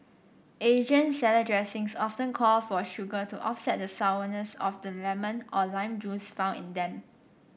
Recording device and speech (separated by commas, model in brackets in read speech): boundary microphone (BM630), read sentence